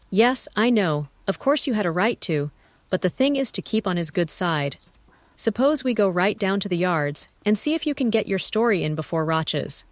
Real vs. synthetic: synthetic